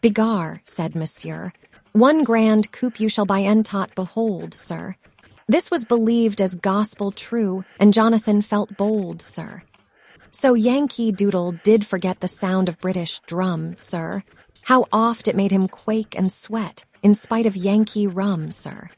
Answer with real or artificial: artificial